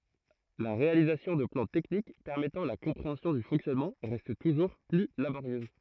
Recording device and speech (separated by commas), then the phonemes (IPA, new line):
throat microphone, read sentence
la ʁealizasjɔ̃ də plɑ̃ tɛknik pɛʁmɛtɑ̃ la kɔ̃pʁeɑ̃sjɔ̃ dy fɔ̃ksjɔnmɑ̃ ʁɛst tuʒuʁ ply laboʁjøz